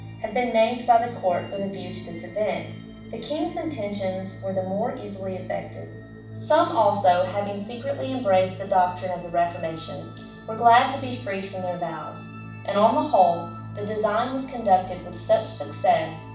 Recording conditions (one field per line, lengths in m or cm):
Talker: one person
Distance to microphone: 5.8 m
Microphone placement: far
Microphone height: 1.8 m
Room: medium-sized (5.7 m by 4.0 m)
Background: music